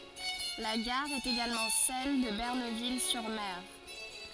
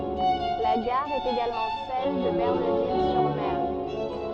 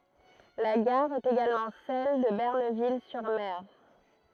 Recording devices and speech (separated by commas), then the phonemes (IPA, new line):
forehead accelerometer, soft in-ear microphone, throat microphone, read sentence
la ɡaʁ ɛt eɡalmɑ̃ sɛl də bənɛʁvil syʁ mɛʁ